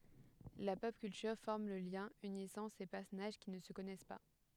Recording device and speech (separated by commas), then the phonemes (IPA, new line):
headset microphone, read sentence
la pɔp kyltyʁ fɔʁm lə ljɛ̃ ynisɑ̃ se pɛʁsɔnaʒ ki nə sə kɔnɛs pa